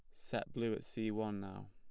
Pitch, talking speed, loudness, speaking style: 110 Hz, 240 wpm, -41 LUFS, plain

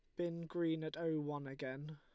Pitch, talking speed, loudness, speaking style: 155 Hz, 205 wpm, -42 LUFS, Lombard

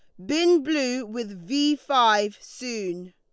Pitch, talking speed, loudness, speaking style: 245 Hz, 130 wpm, -24 LUFS, Lombard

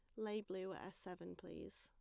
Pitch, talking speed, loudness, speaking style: 190 Hz, 225 wpm, -50 LUFS, plain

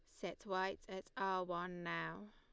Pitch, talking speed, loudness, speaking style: 190 Hz, 170 wpm, -43 LUFS, Lombard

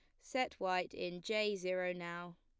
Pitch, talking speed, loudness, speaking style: 185 Hz, 165 wpm, -39 LUFS, plain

